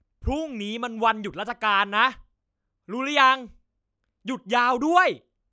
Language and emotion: Thai, angry